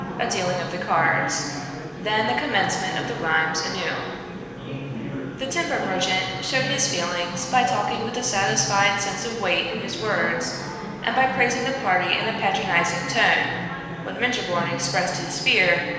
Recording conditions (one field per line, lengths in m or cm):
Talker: one person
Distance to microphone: 1.7 m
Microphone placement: close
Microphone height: 1.0 m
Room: very reverberant, large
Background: babble